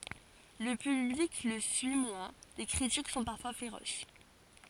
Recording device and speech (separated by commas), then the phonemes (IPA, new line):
forehead accelerometer, read sentence
lə pyblik lə syi mwɛ̃ le kʁitik sɔ̃ paʁfwa feʁos